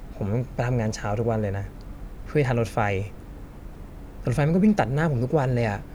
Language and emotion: Thai, frustrated